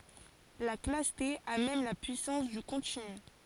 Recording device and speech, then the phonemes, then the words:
forehead accelerometer, read sentence
la klas te a mɛm la pyisɑ̃s dy kɔ̃tiny
La classe T a même la puissance du continu.

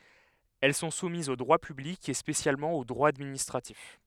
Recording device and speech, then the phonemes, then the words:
headset microphone, read sentence
ɛl sɔ̃ sumizz o dʁwa pyblik e spesjalmɑ̃ o dʁwa administʁatif
Elles sont soumises au droit public et spécialement au droit administratif.

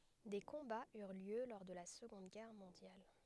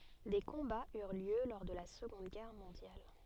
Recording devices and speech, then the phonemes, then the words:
headset microphone, soft in-ear microphone, read sentence
de kɔ̃baz yʁ ljø lɔʁ də la səɡɔ̃d ɡɛʁ mɔ̃djal
Des combats eurent lieu lors de la Seconde Guerre mondiale.

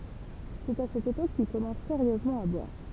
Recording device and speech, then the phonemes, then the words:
temple vibration pickup, read sentence
sɛt a sɛt epok kil kɔmɑ̃s seʁjøzmɑ̃ a bwaʁ
C’est à cette époque qu’il commence sérieusement à boire.

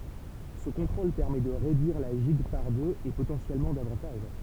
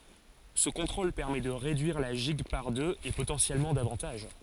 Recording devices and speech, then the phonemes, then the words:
temple vibration pickup, forehead accelerometer, read sentence
sə kɔ̃tʁol pɛʁmɛ də ʁedyiʁ la ʒiɡ paʁ døz e potɑ̃sjɛlmɑ̃ davɑ̃taʒ
Ce contrôle permet de réduire la gigue par deux, et potentiellement davantage.

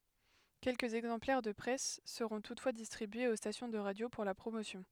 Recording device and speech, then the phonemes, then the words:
headset microphone, read sentence
kɛlkəz ɛɡzɑ̃plɛʁ də pʁɛs səʁɔ̃ tutfwa distʁibyez o stasjɔ̃ də ʁadjo puʁ la pʁomosjɔ̃
Quelques exemplaires de presse seront toutefois distribués aux stations de radio pour la promotion.

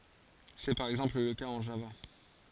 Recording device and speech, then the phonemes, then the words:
forehead accelerometer, read sentence
sɛ paʁ ɛɡzɑ̃pl lə kaz ɑ̃ ʒava
C'est par exemple le cas en Java.

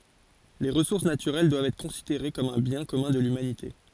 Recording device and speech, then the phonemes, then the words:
forehead accelerometer, read sentence
le ʁəsuʁs natyʁɛl dwavt ɛtʁ kɔ̃sideʁe kɔm œ̃ bjɛ̃ kɔmœ̃ də lymanite
Les ressources naturelles doivent être considérées comme un bien commun de l'humanité.

